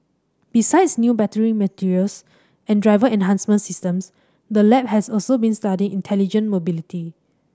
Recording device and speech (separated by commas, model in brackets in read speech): standing microphone (AKG C214), read sentence